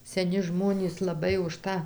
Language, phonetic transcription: Lithuanian, seˈni ˈžmonys laˈbai už ˈtą

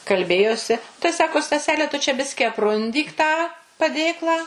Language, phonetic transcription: Lithuanian, kalˈbėjosi tai ˈsako staˈsele tu čia ˈbiski apˈrundyk tą paˈdėklą

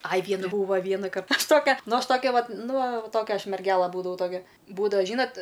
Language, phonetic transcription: Lithuanian, aj ˈvienu ˈbūva ˈvienakar ˈaš ˈtokia ˈnu ˈaš ˈtokia vat ˈnu va ˈtokia ˈaš merˈgela ˈbūdavau ˈtokia ˈbūdava ˈžynat'

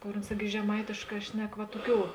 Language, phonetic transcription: Lithuanian, ˈkor uns ˈirgi žeˈmaitėšˌkā ˈšnek va ˈtoˌkių

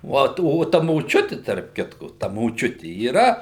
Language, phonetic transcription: Lithuanian, ˈvot o ˈta moˈčiuti tarp ˈkitku ta moˈčiuti yˈra

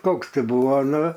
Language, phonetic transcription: Lithuanian, ˈkoks ˈti ˈbuvo ˈnu

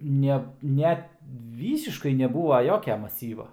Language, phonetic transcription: Lithuanian, ˈne ˈnet ˈvysiškai neˈbūva ˈjokia maˈsyva

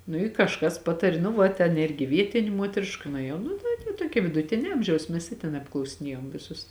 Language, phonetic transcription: Lithuanian, nu i kažˈkas ˈpatari nu ˈva ten ˈirgi ˈvietinė ˈmuotriška nuėˈjau ˈnu tai te ˈtuokia viduˈtinia ˈamžiaus ˈmes i ten apklausiˈniejom ˈvisus

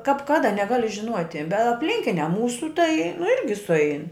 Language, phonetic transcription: Lithuanian, kap ˈkada neˈgali žiˈnuoti be apˈlinkinia ˈmūsu tai nu ˈirgi suˈein

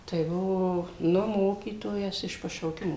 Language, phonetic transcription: Lithuanian, tai ˈbuvo ˈnu ˈmokytojas iš pašauˈkimo

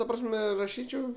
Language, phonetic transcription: Lithuanian, ta ˈprasme raˈšyčiau

